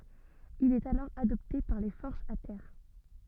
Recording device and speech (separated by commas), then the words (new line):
soft in-ear microphone, read sentence
Il est alors adopté par les forces à terre.